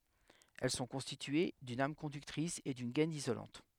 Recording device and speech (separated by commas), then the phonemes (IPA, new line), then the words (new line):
headset microphone, read sentence
ɛl sɔ̃ kɔ̃stitye dyn am kɔ̃dyktʁis e dyn ɡɛn izolɑ̃t
Elles sont constituées d'une âme conductrice et d'une gaine isolante.